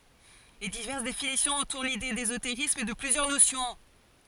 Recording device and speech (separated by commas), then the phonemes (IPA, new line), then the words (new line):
forehead accelerometer, read sentence
le divɛʁs definisjɔ̃z ɑ̃tuʁ lide dezoteʁism də plyzjœʁ nosjɔ̃
Les diverses définitions entourent l’idée d’ésotérisme de plusieurs notions.